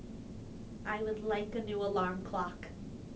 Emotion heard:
neutral